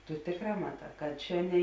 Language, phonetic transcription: Lithuanian, tu ˈtėkˌrā maˈtā kad ˈčia ne

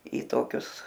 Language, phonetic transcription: Lithuanian, į ˈtokius

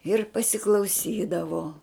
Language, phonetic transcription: Lithuanian, ir pasiklauˈsydavo

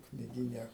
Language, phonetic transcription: Lithuanian, kniˈgyne

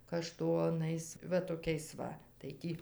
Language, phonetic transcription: Lithuanian, kaˈštonais ˈva toˈkiais ˈva tai ˈtį

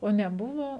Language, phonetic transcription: Lithuanian, o neˈbuvo

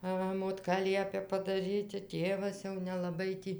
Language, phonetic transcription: Lithuanian, ˈva motˈka ˈliepia padaˈryti ˈtėvas jau nelaˈbai ˈtį

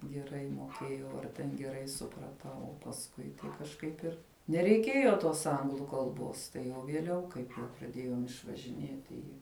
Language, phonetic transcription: Lithuanian, geˈrai moˈkėjau ar ten geˈrai supraˈtau o pasˈkui tai kažˈkaip ir nereiˈkėjo tos ˈanglu kalˈbos tai jau vieˈliau ˈkaip jau praˈdėjom išvažiˈnieti ˈi

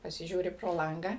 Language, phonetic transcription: Lithuanian, pasiˈžiūri pro ˈlangą

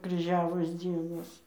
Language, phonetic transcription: Lithuanian, kryˈžiavos ˈdzienos

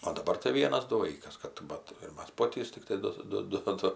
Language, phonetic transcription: Lithuanian, o daˈbar tai ˈvienas ˈdu ˈvaikas ˈkad ˈbat ir ˈmas ˈpotys tikˈtai ˈdu ˈdu ˈdu

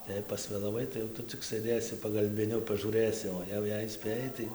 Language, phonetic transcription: Lithuanian, tai ˈjei pasvėlaˈvai tai jau ˈtu cik sɘˈdėsi pagalbiˈniu pažūˈrɘsi o ˈjau jei ˈspėjai tai

